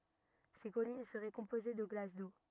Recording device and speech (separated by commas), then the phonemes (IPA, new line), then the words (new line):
rigid in-ear microphone, read sentence
se kɔlin səʁɛ kɔ̃poze də ɡlas do
Ces collines seraient composées de glace d’eau.